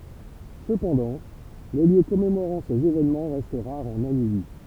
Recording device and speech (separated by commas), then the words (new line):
temple vibration pickup, read sentence
Cependant, les lieux commémorant ces événements restent rares en Namibie.